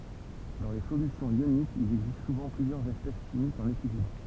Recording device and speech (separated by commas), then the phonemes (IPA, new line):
temple vibration pickup, read sentence
dɑ̃ le solysjɔ̃z jonikz il ɛɡzist suvɑ̃ plyzjœʁz ɛspɛs ʃimikz ɑ̃n ekilibʁ